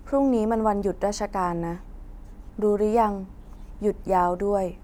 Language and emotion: Thai, neutral